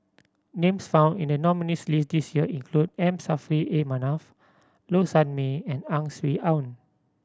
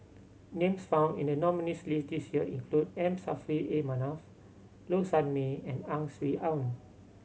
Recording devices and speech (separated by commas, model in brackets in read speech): standing microphone (AKG C214), mobile phone (Samsung C7100), read sentence